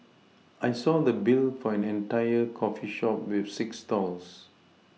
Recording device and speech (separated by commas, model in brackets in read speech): mobile phone (iPhone 6), read sentence